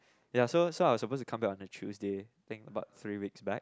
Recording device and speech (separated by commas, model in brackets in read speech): close-talking microphone, conversation in the same room